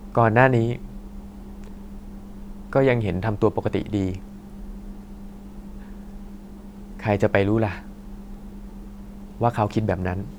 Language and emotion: Thai, frustrated